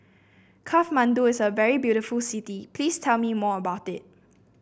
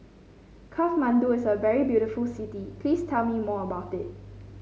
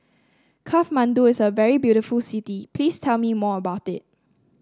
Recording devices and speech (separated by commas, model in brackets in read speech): boundary microphone (BM630), mobile phone (Samsung C5), standing microphone (AKG C214), read sentence